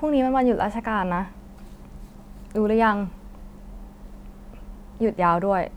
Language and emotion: Thai, frustrated